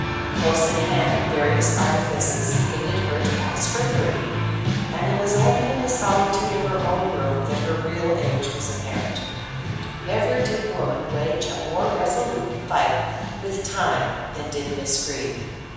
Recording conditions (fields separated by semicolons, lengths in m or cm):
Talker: one person; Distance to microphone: 7.1 m; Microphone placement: far; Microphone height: 1.7 m; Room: very reverberant, large; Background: music